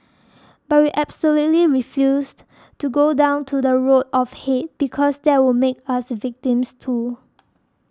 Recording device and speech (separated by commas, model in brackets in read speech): standing microphone (AKG C214), read sentence